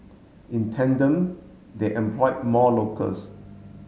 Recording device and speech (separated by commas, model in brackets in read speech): mobile phone (Samsung S8), read sentence